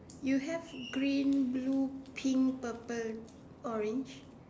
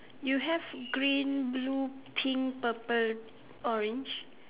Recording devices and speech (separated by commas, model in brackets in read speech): standing microphone, telephone, conversation in separate rooms